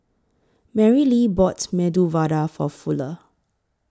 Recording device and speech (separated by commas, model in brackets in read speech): close-talking microphone (WH20), read sentence